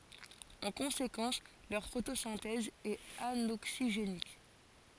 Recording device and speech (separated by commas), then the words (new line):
forehead accelerometer, read sentence
En conséquence leur photosynthèse est anoxygénique.